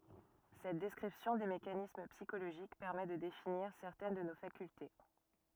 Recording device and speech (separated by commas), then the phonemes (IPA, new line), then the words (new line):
rigid in-ear microphone, read sentence
sɛt dɛskʁipsjɔ̃ de mekanism psikoloʒik pɛʁmɛ də definiʁ sɛʁtɛn də no fakylte
Cette description des mécanismes psychologiques permet de définir certaines de nos facultés.